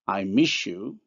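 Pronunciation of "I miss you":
In 'I miss you', the s of 'miss' becomes a sh sound before 'you'.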